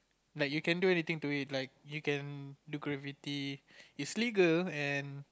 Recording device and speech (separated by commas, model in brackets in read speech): close-talking microphone, conversation in the same room